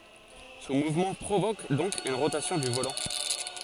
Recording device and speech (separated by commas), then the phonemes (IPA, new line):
forehead accelerometer, read sentence
sɔ̃ muvmɑ̃ pʁovok dɔ̃k yn ʁotasjɔ̃ dy volɑ̃